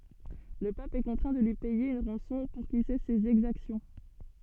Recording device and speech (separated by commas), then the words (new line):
soft in-ear microphone, read sentence
Le pape est contraint de lui payer une rançon pour qu'il cesse ses exactions.